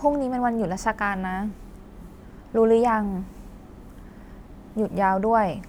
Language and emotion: Thai, frustrated